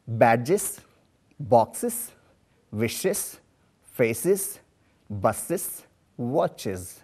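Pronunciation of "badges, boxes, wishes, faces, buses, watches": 'Badges, boxes, wishes, faces, buses, watches' are pronounced incorrectly here.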